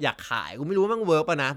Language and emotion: Thai, neutral